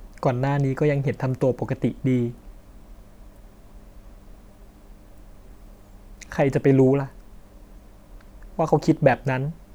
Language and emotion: Thai, sad